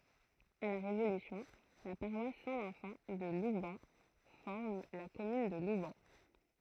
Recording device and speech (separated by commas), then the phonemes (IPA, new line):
throat microphone, read sentence
a la ʁevolysjɔ̃ la paʁwas sɛ̃ vɛ̃sɑ̃ də lubɛn fɔʁm la kɔmyn də lubɛn